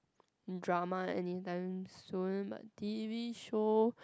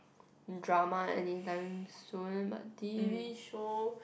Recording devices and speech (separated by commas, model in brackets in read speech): close-talking microphone, boundary microphone, conversation in the same room